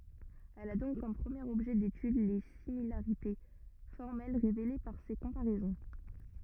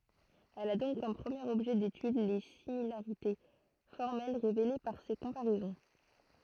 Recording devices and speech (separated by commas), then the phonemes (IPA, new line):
rigid in-ear microphone, throat microphone, read sentence
ɛl a dɔ̃k kɔm pʁəmjeʁ ɔbʒɛ detyd le similaʁite fɔʁmɛl ʁevele paʁ se kɔ̃paʁɛzɔ̃